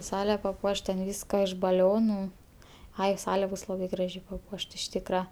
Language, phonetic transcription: Lithuanian, ˈsale paˈpuošt ten ˈvyska iš baˈlionu ˈai ˈsale ˈbus ˈlabai ˈgražiai paˈpuošt iš ˈtykra

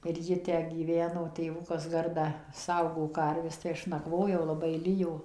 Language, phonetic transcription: Lithuanian, ir ˈji tę gyˈveno tėˈvukas ˈgardą ˈsaugo ˈkarves tai ˈaš nakˈvojau laˈbai ˈlijo

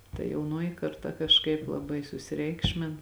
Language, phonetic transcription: Lithuanian, ta jauˈnoji karˈta kažˈkaip laˈbai susiˈreikšmin

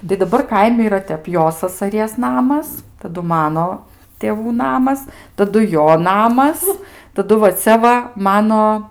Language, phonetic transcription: Lithuanian, tai daˈbar ˈkaimi yˈra ˈtep ˈjo sasaˈries ˈnamas taˈdu ˈmano tėˈvų ˈnamas taˈdu ˈjo ˈnamas taˈdu va ˈcia va ˈmano

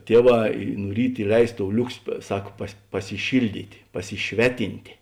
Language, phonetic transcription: Lithuanian, ˈtieˌvā i nu ˈryt iˈleis tou ˈliuksi ˈsak pas pasiˈšilˌdyt' pasiˈšveˌtintė

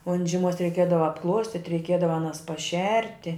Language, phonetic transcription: Lithuanian, on žiˈmuos reiˈkiedava apˈkluostit' reiˈkiedava aˈnas paˈšerti

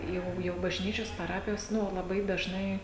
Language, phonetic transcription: Lithuanian, ˈjau jau bažˈnyčios paˈrapijos ˈnu laˈbai dažˈnai

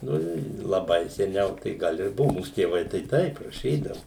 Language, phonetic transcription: Lithuanian, ˈnu i laˈbai seˈniau tai ˈgal ir ˈbuvu ˈmūs tėˈvai tai ˈtaip raˈšydavu

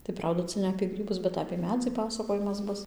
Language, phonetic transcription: Lithuanian, tai ˈprauda ˈca ne apė ˈgrybus bet apė ˈmedzį ˈpasakojimas ˈbus

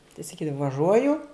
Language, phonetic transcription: Lithuanian, tai saˈkydava vaˈžuoju

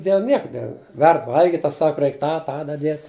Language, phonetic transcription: Lithuanian, dėl ˈnieka ˈverd ˈvalgit' ˈtas ˈsaka ˈreik ˈtą ˈtą daˈdiet'

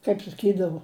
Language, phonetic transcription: Lithuanian, kaip saˈkydavo

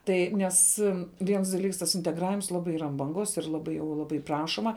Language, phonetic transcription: Lithuanian, ˈtai ˈnes ˈviens daˈlyks tas integˈravims ˈlabai ˈyra an banˈgos ir ˈlabai jau ˈlabai ˈprašoma

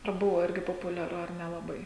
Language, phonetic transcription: Lithuanian, ar ˈbuvo ˈirgi populiaˈru ar nelaˈbai

